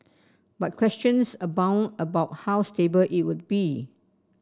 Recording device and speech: standing microphone (AKG C214), read sentence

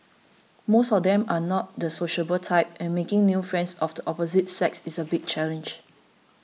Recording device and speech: mobile phone (iPhone 6), read sentence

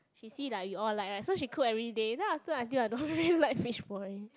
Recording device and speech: close-talking microphone, conversation in the same room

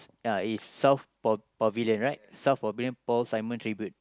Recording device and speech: close-talking microphone, conversation in the same room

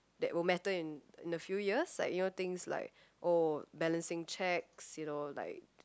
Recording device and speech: close-talking microphone, conversation in the same room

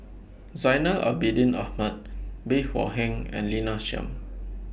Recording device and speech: boundary microphone (BM630), read sentence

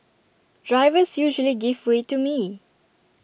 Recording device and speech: boundary microphone (BM630), read sentence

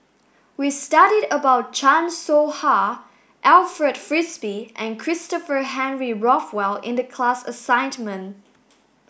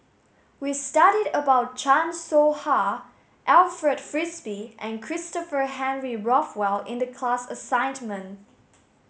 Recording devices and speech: boundary microphone (BM630), mobile phone (Samsung S8), read sentence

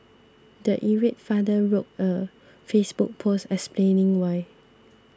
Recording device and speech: standing microphone (AKG C214), read sentence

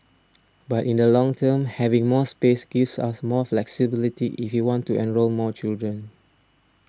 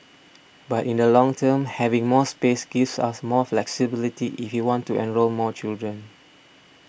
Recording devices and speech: standing microphone (AKG C214), boundary microphone (BM630), read sentence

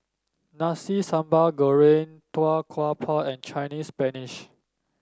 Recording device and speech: standing microphone (AKG C214), read sentence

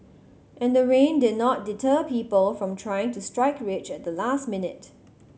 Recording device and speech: mobile phone (Samsung C7100), read sentence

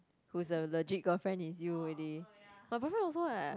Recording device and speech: close-talking microphone, conversation in the same room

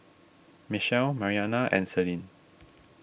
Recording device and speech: boundary microphone (BM630), read sentence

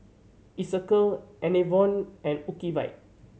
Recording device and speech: mobile phone (Samsung C7100), read sentence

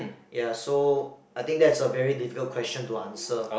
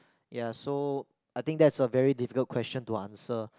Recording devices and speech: boundary microphone, close-talking microphone, conversation in the same room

